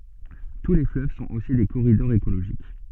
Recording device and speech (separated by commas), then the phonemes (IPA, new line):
soft in-ear microphone, read sentence
tu le fløv sɔ̃t osi de koʁidɔʁz ekoloʒik